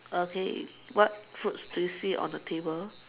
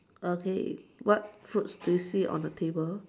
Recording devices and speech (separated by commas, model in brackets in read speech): telephone, standing microphone, conversation in separate rooms